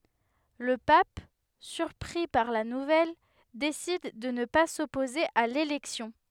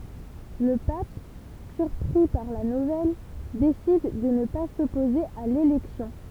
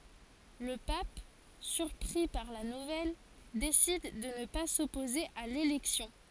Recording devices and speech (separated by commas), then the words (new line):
headset microphone, temple vibration pickup, forehead accelerometer, read sentence
Le pape, surpris par la nouvelle, décide de ne pas s'opposer à l'élection.